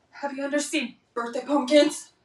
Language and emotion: English, fearful